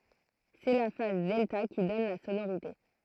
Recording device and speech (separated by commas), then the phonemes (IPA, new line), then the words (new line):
throat microphone, read sentence
sɛ la faz dɛlta ki dɔn la sonoʁite
C'est la phase delta qui donne la sonorité.